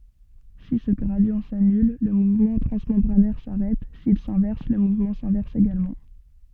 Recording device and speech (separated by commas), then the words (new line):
soft in-ear microphone, read sentence
Si ce gradient s'annule, le mouvement transmembranaire s'arrête, s'il s'inverse le mouvement s'inverse également.